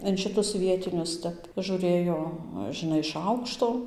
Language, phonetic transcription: Lithuanian, in ˈšitus ˈvietinius ˈtep žūˈrɘjo žiˈnai iš ˈaukšto

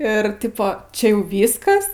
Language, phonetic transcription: Lithuanian, ir ˈtipo ˈčia ˈjau ˈvyskas

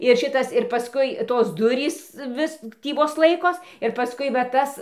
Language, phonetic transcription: Lithuanian, ir ˈšitas ir paˈskui ˈtos ˈdurys ˈvis ˈtį ˈvos ˈlaikos ir paˈskui va ˈtas

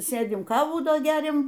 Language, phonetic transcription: Lithuanian, ˈsėdim ˈkavų ˈdo ˈgeriam

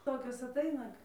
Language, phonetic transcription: Lithuanian, ˈtokios aˈtaina

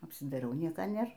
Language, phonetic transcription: Lithuanian, apsidaiˈriau ˈnieka ˈnėr

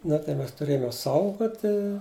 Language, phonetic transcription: Lithuanian, ˈna tai ˈmes tuˈrėjom jos ˈsaugoti

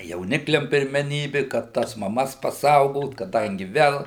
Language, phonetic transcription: Lithuanian, jauˈnikliam pirmeˈnybi kad ˈtas maˈmas paˈsaugot kaˈdangi ˈvel

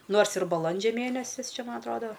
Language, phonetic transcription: Lithuanian, ˈnors ir baˈlandžia ˈmėnesis ˈčia ˈman atˈrodo

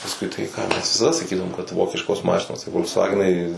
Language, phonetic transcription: Lithuanian, pasˈkui tai ˈką ˈmes visaˈda saˈkydavom kad ˈvokiškos ˈmašinos ta fol'ksˈvagenai

